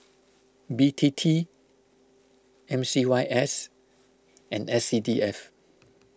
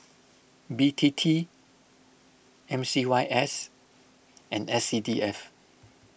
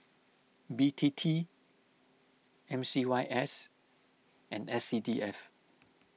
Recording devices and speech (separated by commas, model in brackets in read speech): close-talking microphone (WH20), boundary microphone (BM630), mobile phone (iPhone 6), read sentence